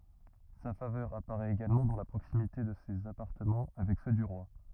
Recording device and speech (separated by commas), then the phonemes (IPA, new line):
rigid in-ear microphone, read sentence
sa favœʁ apaʁɛt eɡalmɑ̃ dɑ̃ la pʁoksimite də sez apaʁtəmɑ̃ avɛk sø dy ʁwa